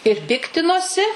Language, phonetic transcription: Lithuanian, ir ˈpiktinosi

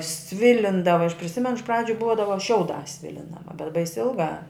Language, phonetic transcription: Lithuanian, ˈsvilindava aš priˈsimenu iš ˈpradžiu ˈbuodava ˈšiauˌdās ˈsvilindava bet bais' ˈilˌgā

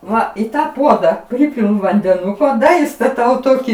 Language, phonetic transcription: Lithuanian, ˈva į ˈtą ˈpuoda ˈpripilu vandeˈnuko ˈda istaˈtau ˈtokį

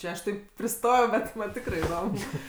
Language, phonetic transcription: Lithuanian, ˈčia aš ˈtaip priˈstojau ˈbet ˈman' ˈtikrɜ iˈdom

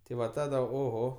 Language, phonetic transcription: Lithuanian, ti ˈva ˈtada oˈho

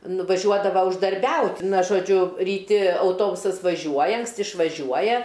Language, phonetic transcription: Lithuanian, nuvaˈžiuodava uždarˈbiaut' ˈna žoˈdžiu ryˈti auˈtobusas vaˈžiuoja anksˈti išvaˈžiuoja

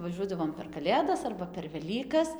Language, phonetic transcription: Lithuanian, vaˈžiuodavom per kaˈlėdas arba per veˈlykas

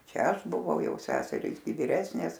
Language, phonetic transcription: Lithuanian, ˈčia ˈaš buˈvau ˈjau ˈseserys gi viˈresnės

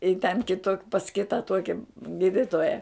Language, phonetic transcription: Lithuanian, i ten ˈkito pas ˈkita ˈtuoki ˈgyditoja

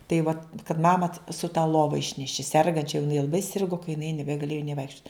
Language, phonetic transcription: Lithuanian, tai ˈva kad ˈmama su ta ˈlova ˈišneši ˈsergančia jau jiˈnai laˈbai ˈsirgu ka jiˈnai nebegaˈlėju nė ˈvaikščiut

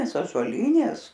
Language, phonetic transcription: Lithuanian, ažuoˈlynės

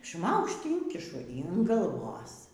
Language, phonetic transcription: Lithuanian, ˈšmaukšt ˈynkišu yn galˈvos

